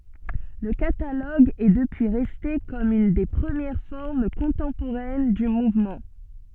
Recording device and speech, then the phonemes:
soft in-ear microphone, read sentence
lə kataloɡ ɛ dəpyi ʁɛste kɔm yn de pʁəmjɛʁ fɔʁm kɔ̃tɑ̃poʁɛn dy muvmɑ̃

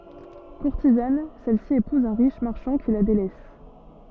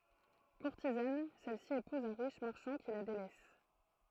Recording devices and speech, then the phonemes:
soft in-ear microphone, throat microphone, read sentence
kuʁtizan sɛlsi epuz œ̃ ʁiʃ maʁʃɑ̃ ki la delɛs

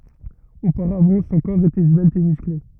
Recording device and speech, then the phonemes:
rigid in-ear microphone, read sentence
opaʁavɑ̃ sɔ̃ kɔʁ etɛ zvɛlt e myskle

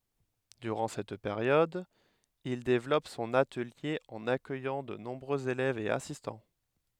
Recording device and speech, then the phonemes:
headset microphone, read sentence
dyʁɑ̃ sɛt peʁjɔd il devlɔp sɔ̃n atəlje ɑ̃n akœjɑ̃ də nɔ̃bʁøz elɛvz e asistɑ̃

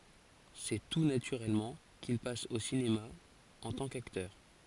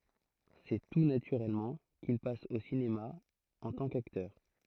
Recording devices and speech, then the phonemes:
forehead accelerometer, throat microphone, read sentence
sɛ tu natyʁɛlmɑ̃ kil pas o sinema ɑ̃ tɑ̃ kaktœʁ

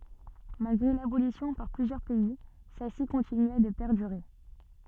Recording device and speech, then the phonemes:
soft in-ear microphone, read sentence
malɡʁe labolisjɔ̃ paʁ plyzjœʁ pɛi sɛlsi kɔ̃tinya də pɛʁdyʁe

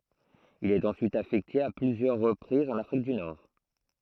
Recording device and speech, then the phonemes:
throat microphone, read sentence
il ɛt ɑ̃syit afɛkte a plyzjœʁ ʁəpʁizz ɑ̃n afʁik dy nɔʁ

